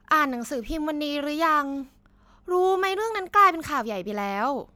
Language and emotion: Thai, neutral